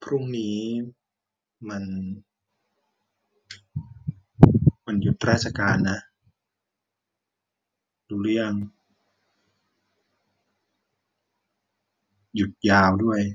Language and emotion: Thai, frustrated